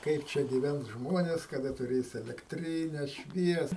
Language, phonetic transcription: Lithuanian, ˈkaip čia gyˈvens ˈžmones kaˈda tuˈrės elekˈtryne ˈšvies

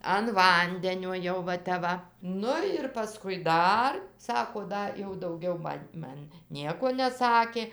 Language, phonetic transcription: Lithuanian, an ˈvandenio ˈjau va ˈtep ˈva ˈnu ir paˈskui ˈdar ˈsako ˈda jau dauˈgiau ˈman' ˈman ˈnieko neˈsakė

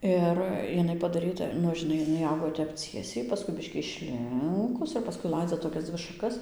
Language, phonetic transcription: Lithuanian, ˈir iˈnai padaˈryta ˈnu žiˈnai iˈnai ˈaugo ˈtep ˈciesiai ˈpaskui ˈbiškį išˈlinkus ir paˈskui ˈlaidza toˈkias ˈdzvi šaˈkas

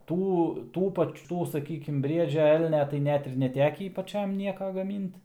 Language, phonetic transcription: Lithuanian, ˈtų ˈtų ˈpač ˈtų saˈkykim ˈbriedžia ˈelnia tai ˈnet ir neˈtekį paˈčiam ˈnieka gaˈmynt

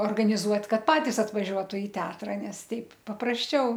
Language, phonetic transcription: Lithuanian, organiˈzuot ˈkad ˈpatis atvaˈžiuotu i ˈteatra ˈnes ˈteip paprasˈčiau

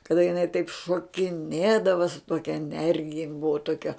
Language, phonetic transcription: Lithuanian, kaˈda jiˈnai taip šokiˈnėdava su ˈtokia eˈnergija jin ˈbuva ˈtokia

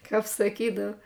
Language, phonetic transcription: Lithuanian, ˈkap saˈkydav

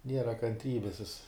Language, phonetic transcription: Lithuanian, ˈniera kanˈtrybis jis

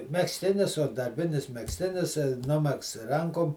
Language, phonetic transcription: Lithuanian, megzˈtinis o darˈbinis megzˈtinis ˈnumegzts ˈrankom

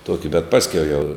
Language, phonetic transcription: Lithuanian, ˈtuoki bet ˈpaskiau jau

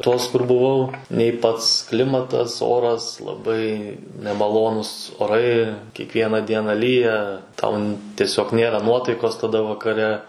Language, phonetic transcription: Lithuanian, ˈtos kur buˈvau nei ˈpats ˈklimatas ˈoras laˈbai nemaˈlonus oˈrai kiekˈviena ˈdiena ˈlyja tau n ˈtiesiog ˈnėra ˈnuotaikos taˈda vakaˈre

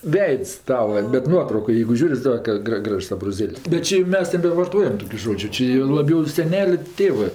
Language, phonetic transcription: Lithuanian, ˈveids ˈtava bet ˈnuotraukoj jeigu ˈžiūr' i ˈsaka ˈgra ˈgražs abroˈzėl's' ˈžodžiu ˈči jau laˈbiau i seˈneliu ˈtėvɜ

